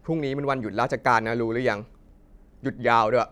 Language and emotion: Thai, neutral